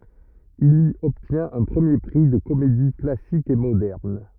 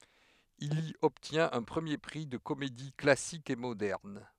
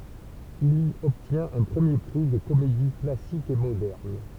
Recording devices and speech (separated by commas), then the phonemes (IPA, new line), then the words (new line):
rigid in-ear microphone, headset microphone, temple vibration pickup, read sentence
il i ɔbtjɛ̃t œ̃ pʁəmje pʁi də komedi klasik e modɛʁn
Il y obtient un premier prix de comédie classique et moderne.